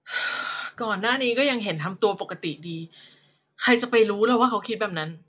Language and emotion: Thai, frustrated